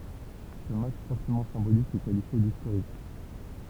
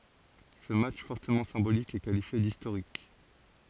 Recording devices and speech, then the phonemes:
temple vibration pickup, forehead accelerometer, read sentence
sə matʃ fɔʁtəmɑ̃ sɛ̃bolik ɛ kalifje distoʁik

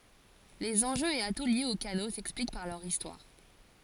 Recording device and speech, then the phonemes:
forehead accelerometer, read sentence
lez ɑ̃ʒøz e atu ljez o kano sɛksplik paʁ lœʁ istwaʁ

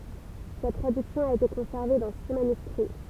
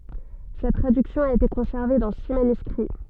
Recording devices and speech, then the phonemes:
temple vibration pickup, soft in-ear microphone, read sentence
sɛt tʁadyksjɔ̃ a ete kɔ̃sɛʁve dɑ̃ si manyskʁi

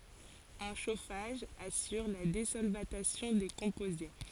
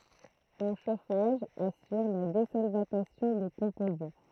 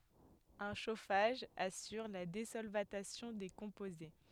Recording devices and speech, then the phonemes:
forehead accelerometer, throat microphone, headset microphone, read sentence
œ̃ ʃofaʒ asyʁ la dezɔlvatasjɔ̃ de kɔ̃poze

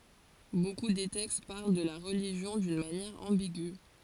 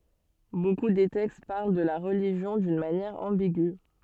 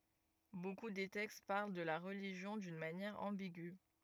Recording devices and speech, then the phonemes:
forehead accelerometer, soft in-ear microphone, rigid in-ear microphone, read sentence
boku de tɛkst paʁl də la ʁəliʒjɔ̃ dyn manjɛʁ ɑ̃biɡy

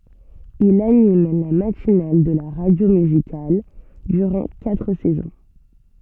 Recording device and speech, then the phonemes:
soft in-ear microphone, read sentence
il anim la matinal də la ʁadjo myzikal dyʁɑ̃ katʁ sɛzɔ̃

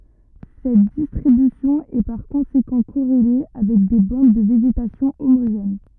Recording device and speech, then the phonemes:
rigid in-ear microphone, read sentence
sɛt distʁibysjɔ̃ ɛ paʁ kɔ̃sekɑ̃ koʁele avɛk de bɑ̃d də veʒetasjɔ̃ omoʒɛn

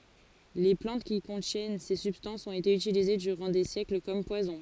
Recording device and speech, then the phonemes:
forehead accelerometer, read sentence
le plɑ̃t ki kɔ̃tjɛn se sybstɑ̃sz ɔ̃t ete ytilize dyʁɑ̃ de sjɛkl kɔm pwazɔ̃

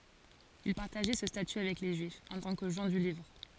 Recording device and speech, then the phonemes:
forehead accelerometer, read sentence
il paʁtaʒɛ sə staty avɛk le ʒyifz ɑ̃ tɑ̃ kə ʒɑ̃ dy livʁ

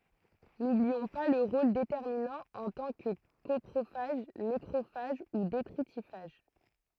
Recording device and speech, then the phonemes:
throat microphone, read sentence
nubliɔ̃ pa lœʁ ʁol detɛʁminɑ̃ ɑ̃ tɑ̃ kə kɔpʁofaʒ nekʁofaʒ u detʁitifaʒ

